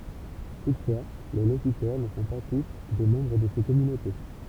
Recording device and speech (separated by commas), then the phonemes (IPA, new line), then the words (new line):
temple vibration pickup, read sentence
tutfwa le lokytœʁ nə sɔ̃ pa tus de mɑ̃bʁ də se kɔmynote
Toutefois, les locuteurs ne sont pas tous des membres de ces communautés.